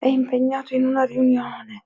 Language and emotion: Italian, sad